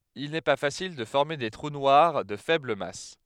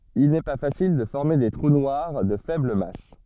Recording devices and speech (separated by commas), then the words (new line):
headset microphone, soft in-ear microphone, read sentence
Il n'est pas facile de former des trous noirs de faible masse.